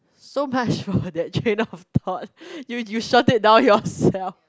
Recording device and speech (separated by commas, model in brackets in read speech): close-talking microphone, conversation in the same room